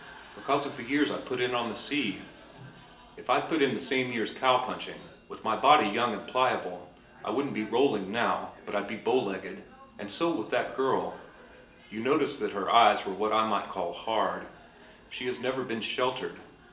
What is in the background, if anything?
A television.